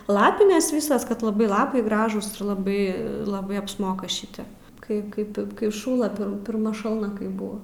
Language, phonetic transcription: Lithuanian, ˈlapines ˈvysas kad laˈbai ˈlapai ˈgražūs ir laˈbai laˈbai apsˈmoka ˈšitep kai ˈkaip kai ˈšųla pir pirˈma ˈšalna ˈkaip ˈbuva

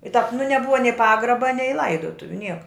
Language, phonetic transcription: Lithuanian, i tāp nu neˈbuva nei ˈpagraba nei ˈlaidotuviu ˈnieka

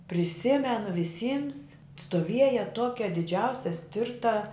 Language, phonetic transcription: Lithuanian, priˈsimenu viˈsyms stoˈvieja ˈtuokia diˈdžiausia ˈstirta

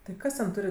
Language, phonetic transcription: Lithuanian, tai ˈkas ten ˈturi

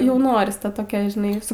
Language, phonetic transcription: Lithuanian, ˈjau ˈnoris ˈta toˈkia žiˈnai su

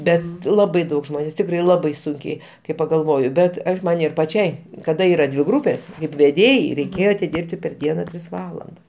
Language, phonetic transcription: Lithuanian, ˈbet ˈlabai ˈdaug ˈžmonės ˈtikrai ˈlabai ˈsunkiai kai pagalˈvoju ˈbet ˈaš ˈman ir paˈčiai kaˈda ˈyra dvi ˈgrūpės kaip veˈdėjai reiˈkėjo atiˈdirbti per ˈdiena ˈtris ˈvalandas

